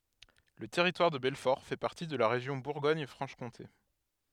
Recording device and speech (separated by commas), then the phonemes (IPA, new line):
headset microphone, read sentence
lə tɛʁitwaʁ də bɛlfɔʁ fɛ paʁti də la ʁeʒjɔ̃ buʁɡɔɲ fʁɑ̃ʃ kɔ̃te